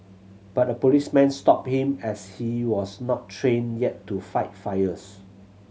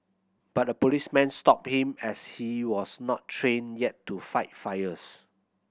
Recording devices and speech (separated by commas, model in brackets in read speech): mobile phone (Samsung C7100), boundary microphone (BM630), read sentence